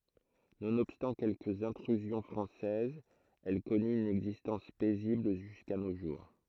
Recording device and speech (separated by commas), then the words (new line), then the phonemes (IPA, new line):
throat microphone, read sentence
Nonobstant quelques intrusions françaises, elle connut une existence paisible jusqu'à nos jours.
nonɔbstɑ̃ kɛlkəz ɛ̃tʁyzjɔ̃ fʁɑ̃sɛzz ɛl kɔny yn ɛɡzistɑ̃s pɛzibl ʒyska no ʒuʁ